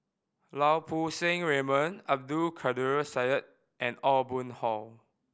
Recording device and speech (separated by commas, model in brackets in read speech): boundary microphone (BM630), read sentence